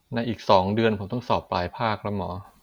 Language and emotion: Thai, frustrated